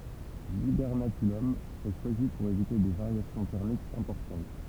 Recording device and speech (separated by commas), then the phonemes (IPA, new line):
temple vibration pickup, read sentence
libɛʁnakylɔm ɛ ʃwazi puʁ evite de vaʁjasjɔ̃ tɛʁmikz ɛ̃pɔʁtɑ̃t